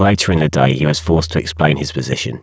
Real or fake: fake